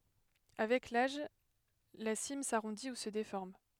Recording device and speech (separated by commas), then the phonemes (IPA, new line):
headset microphone, read sentence
avɛk laʒ la sim saʁɔ̃di u sə defɔʁm